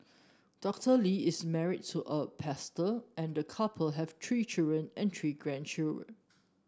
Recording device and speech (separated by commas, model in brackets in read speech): standing microphone (AKG C214), read sentence